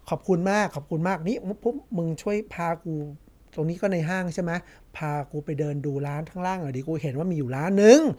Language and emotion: Thai, neutral